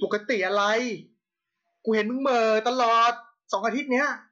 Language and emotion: Thai, angry